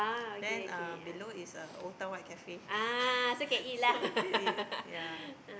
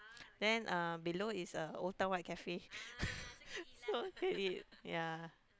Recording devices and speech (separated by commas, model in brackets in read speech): boundary microphone, close-talking microphone, conversation in the same room